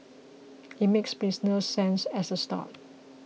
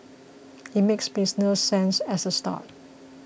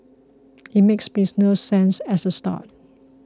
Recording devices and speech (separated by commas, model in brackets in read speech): mobile phone (iPhone 6), boundary microphone (BM630), close-talking microphone (WH20), read sentence